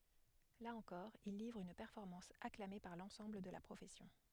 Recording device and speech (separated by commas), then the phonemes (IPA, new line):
headset microphone, read sentence
la ɑ̃kɔʁ il livʁ yn pɛʁfɔʁmɑ̃s aklame paʁ lɑ̃sɑ̃bl də la pʁofɛsjɔ̃